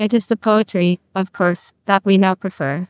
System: TTS, neural waveform model